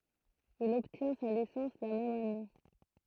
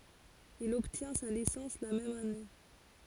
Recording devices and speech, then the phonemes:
throat microphone, forehead accelerometer, read sentence
il ɔbtjɛ̃ sa lisɑ̃s la mɛm ane

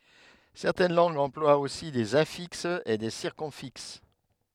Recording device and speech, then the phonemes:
headset microphone, read sentence
sɛʁtɛn lɑ̃ɡz ɑ̃plwat osi dez ɛ̃fiksz e de siʁkymfiks

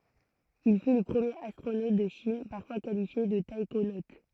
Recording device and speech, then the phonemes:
throat microphone, read sentence
il fy lə pʁəmjeʁ astʁonot də ʃin paʁfwa kalifje də taikonot

